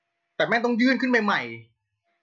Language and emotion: Thai, angry